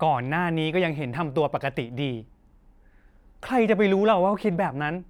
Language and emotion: Thai, frustrated